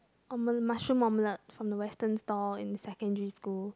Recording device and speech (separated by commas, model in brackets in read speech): close-talking microphone, conversation in the same room